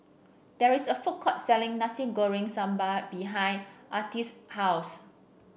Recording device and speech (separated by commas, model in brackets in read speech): boundary microphone (BM630), read sentence